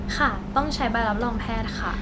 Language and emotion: Thai, neutral